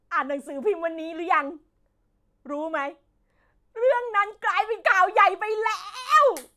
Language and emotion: Thai, happy